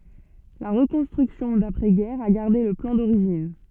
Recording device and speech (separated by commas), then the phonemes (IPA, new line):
soft in-ear microphone, read sentence
la ʁəkɔ̃stʁyksjɔ̃ dapʁɛ ɡɛʁ a ɡaʁde lə plɑ̃ doʁiʒin